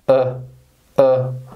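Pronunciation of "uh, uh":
This is the schwa sound, said twice, each time as a very, very short noise.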